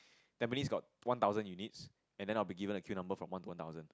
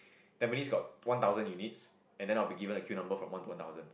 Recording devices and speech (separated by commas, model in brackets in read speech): close-talking microphone, boundary microphone, conversation in the same room